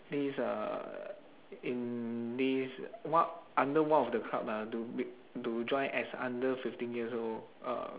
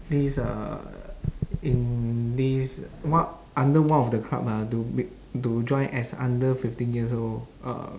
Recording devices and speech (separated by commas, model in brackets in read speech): telephone, standing microphone, conversation in separate rooms